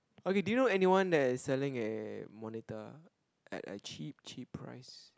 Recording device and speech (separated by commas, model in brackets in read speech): close-talking microphone, conversation in the same room